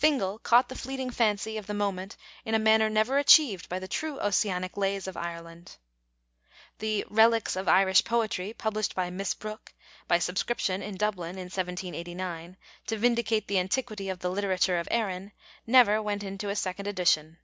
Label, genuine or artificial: genuine